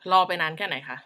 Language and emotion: Thai, angry